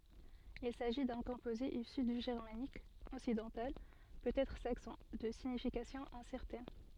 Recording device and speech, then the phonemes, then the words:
soft in-ear microphone, read sentence
il saʒi dœ̃ kɔ̃poze isy dy ʒɛʁmanik ɔksidɑ̃tal pøtɛtʁ saksɔ̃ də siɲifikasjɔ̃ ɛ̃sɛʁtɛn
Il s'agit d'un composé issu du germanique occidental, peut-être saxon, de signification incertaine.

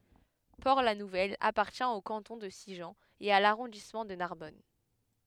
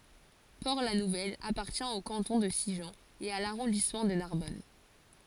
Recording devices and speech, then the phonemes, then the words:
headset microphone, forehead accelerometer, read sentence
pɔʁtlanuvɛl apaʁtjɛ̃ o kɑ̃tɔ̃ də siʒɑ̃ e a laʁɔ̃dismɑ̃ də naʁbɔn
Port-la-Nouvelle appartient au canton de Sigean et à l'arrondissement de Narbonne.

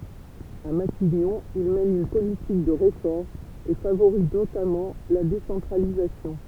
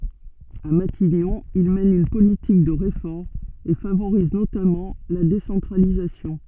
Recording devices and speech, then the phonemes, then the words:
temple vibration pickup, soft in-ear microphone, read sentence
a matiɲɔ̃ il mɛn yn politik də ʁefɔʁmz e favoʁiz notamɑ̃ la desɑ̃tʁalizasjɔ̃
À Matignon, il mène une politique de réformes et favorise notamment la décentralisation.

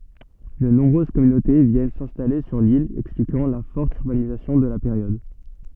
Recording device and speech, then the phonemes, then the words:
soft in-ear microphone, read sentence
də nɔ̃bʁøz kɔmynote vjɛn sɛ̃stale syʁ lil ɛksplikɑ̃ la fɔʁt yʁbanizasjɔ̃ də la peʁjɔd
De nombreuses communautés viennent s’installer sur l’île, expliquant la forte urbanisation de la période.

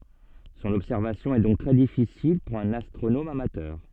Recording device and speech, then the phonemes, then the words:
soft in-ear microphone, read sentence
sɔ̃n ɔbsɛʁvasjɔ̃ ɛ dɔ̃k tʁɛ difisil puʁ œ̃n astʁonom amatœʁ
Son observation est donc très difficile pour un astronome amateur.

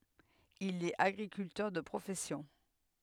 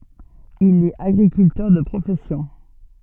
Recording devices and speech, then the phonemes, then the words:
headset microphone, soft in-ear microphone, read sentence
il ɛt aɡʁikyltœʁ də pʁofɛsjɔ̃
Il est agriculteur de profession.

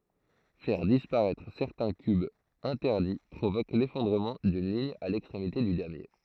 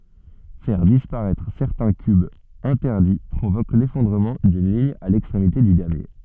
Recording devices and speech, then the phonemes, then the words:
throat microphone, soft in-ear microphone, read sentence
fɛʁ dispaʁɛtʁ sɛʁtɛ̃ kybz ɛ̃tɛʁdi pʁovok lefɔ̃dʁəmɑ̃ dyn liɲ a lɛkstʁemite dy damje
Faire disparaître certains cubes interdits provoque l'effondrement d'une ligne à l'extrémité du damier.

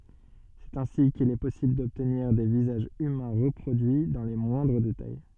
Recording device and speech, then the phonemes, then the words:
soft in-ear microphone, read sentence
sɛt ɛ̃si kil ɛ pɔsibl dɔbtniʁ de vizaʒz ymɛ̃ ʁəpʁodyi dɑ̃ le mwɛ̃dʁ detaj
C'est ainsi qu'il est possible d'obtenir des visages humains reproduits dans les moindres détails.

